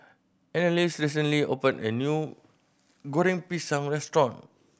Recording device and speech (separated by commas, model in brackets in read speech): boundary microphone (BM630), read sentence